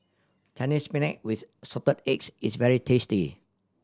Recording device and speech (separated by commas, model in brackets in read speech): standing microphone (AKG C214), read sentence